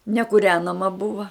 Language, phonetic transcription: Lithuanian, nekūˈrenama ˈbuva

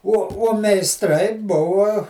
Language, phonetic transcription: Lithuanian, uo uo meisˈtrai ˈbuva

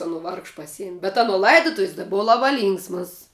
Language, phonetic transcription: Lithuanian, aˈno ˈvargš paˈsiem' bet aˈno laidoˈtuvis ta ˈbuva ˈlaba ˈlynksmas

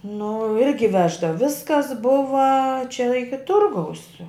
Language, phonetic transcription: Lithuanian, nu ˈirgi ˈveždav ˈviskas ˈbuva čia ˈiki ˈturgaus

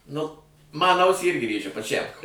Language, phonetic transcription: Lithuanian, ˈnu ˈman ˈausį ˈirgi ˈrėžia paˈčæm

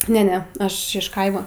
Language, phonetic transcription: Lithuanian, ˈne ˈne ˈaš iš ˈkaima

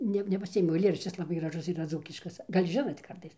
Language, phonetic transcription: Lithuanian, ˈne nepaˈsiėmiau aiˈlėraščis laˈbai graˈžus yˈra ˈdzūkiškas ˈgal' ˈžinot' ˈkartais

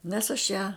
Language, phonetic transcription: Lithuanian, nes aš ˈją

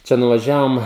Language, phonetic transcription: Lithuanian, ˈčia nuvaˈžiavom

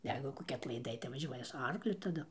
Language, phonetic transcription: Lithuanian, ˈjeigu koˈki atlaiˈdai tai vaˈžiuoja su ˈarkliu taˈdu

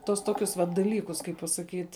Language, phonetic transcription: Lithuanian, tuos ˈtokius vat daˈlykus kaip pasaˈkyt'

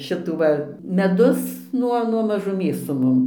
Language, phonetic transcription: Lithuanian, ˈšitų va meˈdus ˈnuo nuo mažuˈmės su ˈmum

